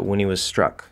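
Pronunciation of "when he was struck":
In 'when he was struck', the vowel of 'when' is swallowed, the h of 'he' is dropped, and the vowel of 'was' is swallowed too.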